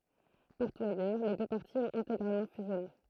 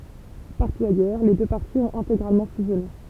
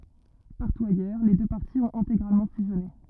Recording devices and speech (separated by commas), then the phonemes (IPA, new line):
throat microphone, temple vibration pickup, rigid in-ear microphone, read sentence
paʁtu ajœʁ le dø paʁti ɔ̃t ɛ̃teɡʁalmɑ̃ fyzjɔne